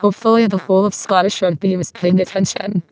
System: VC, vocoder